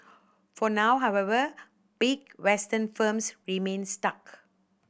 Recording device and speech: boundary microphone (BM630), read sentence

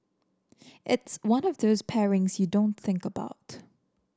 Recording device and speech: standing microphone (AKG C214), read sentence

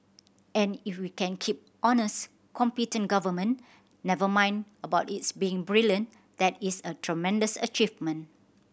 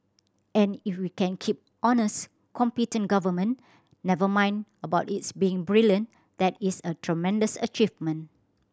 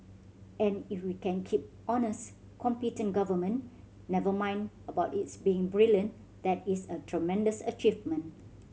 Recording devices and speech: boundary microphone (BM630), standing microphone (AKG C214), mobile phone (Samsung C7100), read sentence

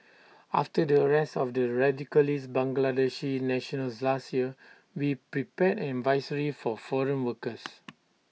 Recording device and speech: mobile phone (iPhone 6), read sentence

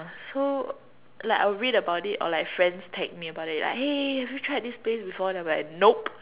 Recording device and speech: telephone, conversation in separate rooms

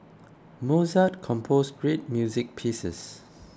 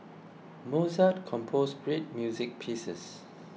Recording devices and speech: close-talking microphone (WH20), mobile phone (iPhone 6), read sentence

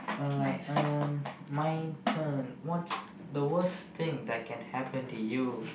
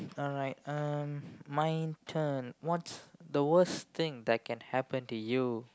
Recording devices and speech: boundary microphone, close-talking microphone, conversation in the same room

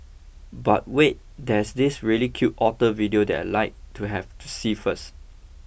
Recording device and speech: boundary microphone (BM630), read sentence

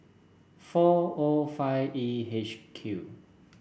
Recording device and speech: boundary microphone (BM630), read sentence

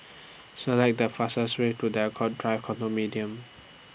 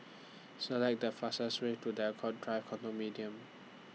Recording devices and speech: boundary microphone (BM630), mobile phone (iPhone 6), read sentence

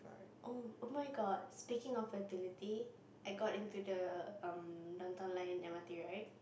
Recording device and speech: boundary microphone, conversation in the same room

